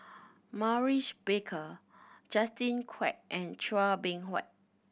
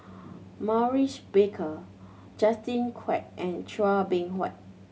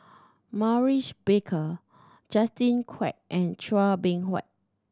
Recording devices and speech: boundary microphone (BM630), mobile phone (Samsung C7100), standing microphone (AKG C214), read sentence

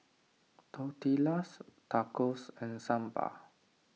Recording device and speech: mobile phone (iPhone 6), read sentence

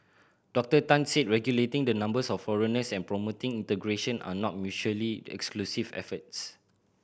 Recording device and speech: boundary microphone (BM630), read sentence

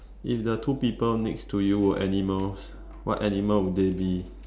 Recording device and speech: standing microphone, conversation in separate rooms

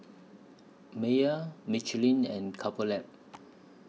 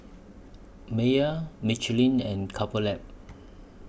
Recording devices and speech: mobile phone (iPhone 6), boundary microphone (BM630), read sentence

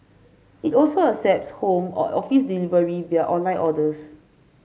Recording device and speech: mobile phone (Samsung C5), read sentence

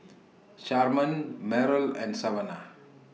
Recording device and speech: mobile phone (iPhone 6), read sentence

